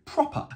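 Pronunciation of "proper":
'Proper' is said the British way, without the E-R (r) sound at the end.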